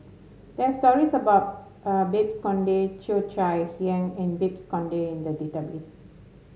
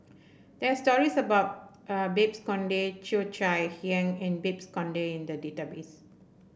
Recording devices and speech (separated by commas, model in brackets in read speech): mobile phone (Samsung S8), boundary microphone (BM630), read sentence